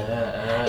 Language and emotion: Thai, neutral